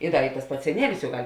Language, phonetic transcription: Lithuanian, i ˈda juk tas ˈpats seˈnielis juk ˈgal'

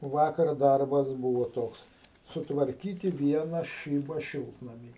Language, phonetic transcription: Lithuanian, ˈvakar ˈdarbas ˈbūvo ˈtoks sutvarˈkyti ˈviena ˈšyba ˈšiltnamy

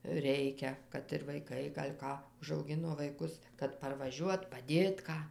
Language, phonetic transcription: Lithuanian, ˈreikia kad ir vaiˈkai gal' ˈką užauˈgino vaiˈkus kad parvaˈžiuot paˈdėt ˈką

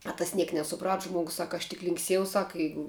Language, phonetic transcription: Lithuanian, a tas ˈniek nesuˈprat ˈžmuogus ˈsak aš tik linkˈsiejau ˈsak ˈjeigu

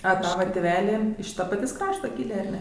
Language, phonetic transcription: Lithuanian, a ˈtava tėˈveli iš ˈta paˈtės' ˈkrašta ˈkylė ar ˈne

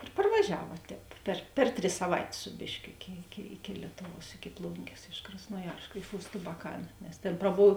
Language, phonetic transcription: Lithuanian, ir parvaˈžiava tēp per ˈper ˌtris saˈvaitės ˈsu bėšˌkio ˈiki iki iki ˈlietuˌvuos iki ˈplungės iš krasnoˈjarsk iš ust abaˈkan nes ˈtėn praˈbov

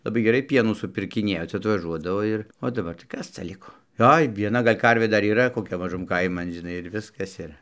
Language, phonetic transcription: Lithuanian, laˈbai geˈrai ˈpienų supirkiˈniejo ˈcia atvaˈžuodavo ir o daˈbar tai ˈkas ca ˈliko ˈoi vieˈna ˈgal' ˈkarvė ˈdar yˈra koˈkia maˈžum ˈkaiman žiˈnai ir ˈviskas ˈir

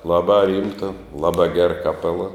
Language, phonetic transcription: Lithuanian, ˈlabā ˈrymta ˈlabā ger kaˈpela

